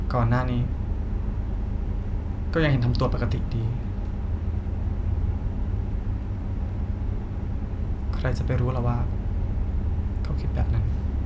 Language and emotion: Thai, sad